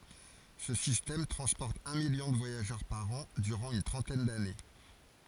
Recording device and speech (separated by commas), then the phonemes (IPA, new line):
forehead accelerometer, read sentence
sə sistɛm tʁɑ̃spɔʁt œ̃ miljɔ̃ də vwajaʒœʁ paʁ ɑ̃ dyʁɑ̃ yn tʁɑ̃tɛn dane